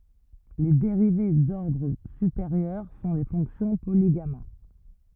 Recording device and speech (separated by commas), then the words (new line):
rigid in-ear microphone, read sentence
Les dérivées d'ordre supérieur sont les fonctions polygamma.